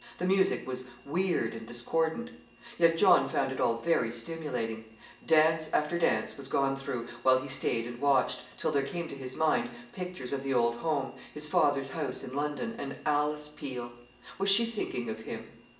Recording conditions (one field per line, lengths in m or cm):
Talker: one person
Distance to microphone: 1.8 m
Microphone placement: close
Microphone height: 1.0 m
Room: large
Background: none